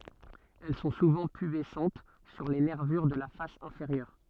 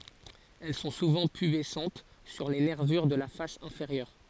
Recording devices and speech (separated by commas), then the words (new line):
soft in-ear microphone, forehead accelerometer, read sentence
Elles sont souvent pubescentes sur les nervures de la face inférieure.